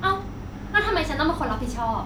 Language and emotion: Thai, angry